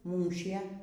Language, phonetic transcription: Lithuanian, ˈmūšie

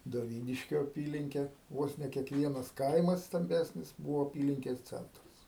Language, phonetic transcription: Lithuanian, doˈvyniškio aˈpylinkė ˈvos ne kiekˈvienas ˈkaimas stamˈbesnis ˈbūvo aˈpylinkes ˈcentras

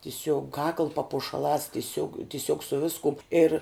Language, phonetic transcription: Lithuanian, tiˈsiog kakl papušaˈlās tiˈsiog tiˈsiog su ˈviskum ir

